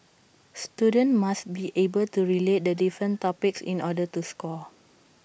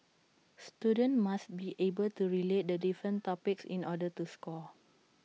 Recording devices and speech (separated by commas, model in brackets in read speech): boundary microphone (BM630), mobile phone (iPhone 6), read sentence